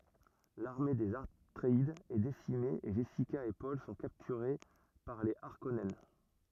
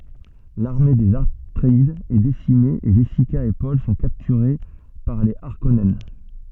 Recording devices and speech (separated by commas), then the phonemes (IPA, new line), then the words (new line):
rigid in-ear microphone, soft in-ear microphone, read sentence
laʁme dez atʁeidz ɛ desime e ʒɛsika e pɔl sɔ̃ kaptyʁe paʁ le aʁkɔnɛn
L'armée des Atréides est décimée et Jessica et Paul sont capturés par les Harkonnen.